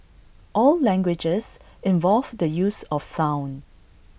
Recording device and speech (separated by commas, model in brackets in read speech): boundary microphone (BM630), read sentence